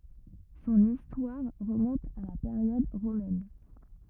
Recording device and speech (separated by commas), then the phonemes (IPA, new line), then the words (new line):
rigid in-ear microphone, read sentence
sɔ̃n istwaʁ ʁəmɔ̃t a la peʁjɔd ʁomɛn
Son histoire remonte à la période romaine.